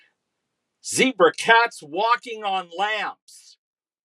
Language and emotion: English, disgusted